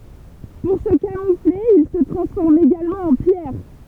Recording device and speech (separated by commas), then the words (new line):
temple vibration pickup, read sentence
Pour se camoufler ils se transforment également en pierre.